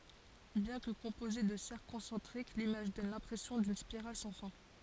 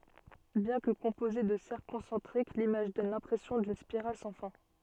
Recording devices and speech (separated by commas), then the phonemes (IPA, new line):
forehead accelerometer, soft in-ear microphone, read sentence
bjɛ̃ kə kɔ̃poze də sɛʁkl kɔ̃sɑ̃tʁik limaʒ dɔn lɛ̃pʁɛsjɔ̃ dyn spiʁal sɑ̃ fɛ̃